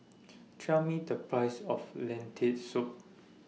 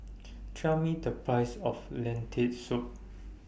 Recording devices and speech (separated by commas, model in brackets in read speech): mobile phone (iPhone 6), boundary microphone (BM630), read sentence